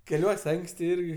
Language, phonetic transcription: Lithuanian, keˈliuos' ˈanksti ˈirgi

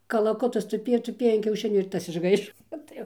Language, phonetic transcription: Lithuanian, kalaˈkutas tuˈpėjo tuˈpėjo an kiauˈšinių ir ˈtas išˈgaišo ˈot tai jau

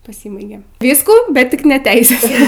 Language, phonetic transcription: Lithuanian, paˈsybaigė ˈvyskų bet ˈtik ne ˈteises

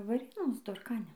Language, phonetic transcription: Lithuanian, vaˈrėnos dorˈkane

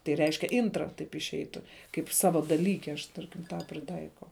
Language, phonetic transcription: Lithuanian, tai ˈreiškia ˈintra taip išˈeitu kaip ˈsava daˈlyke aš ˈtarkim tą priˈtaikau

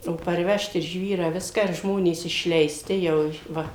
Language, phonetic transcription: Lithuanian, o parˈvežt ir ˈžvyrą ˈviską ir ˈžmonės išleiˈsti ˈjau ˈva

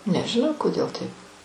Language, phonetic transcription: Lithuanian, nežiˈnau koˈdėl ˈtaip

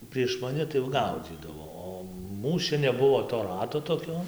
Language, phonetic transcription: Lithuanian, prieš maˈni tai jau ˈgaudzydavo ˈo ˈmūs čia neˈbuvo to ˈrato toˈkio

